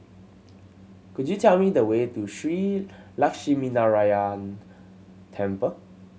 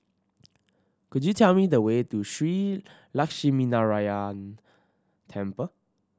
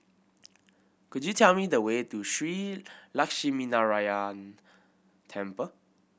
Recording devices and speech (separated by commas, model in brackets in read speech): mobile phone (Samsung C7100), standing microphone (AKG C214), boundary microphone (BM630), read sentence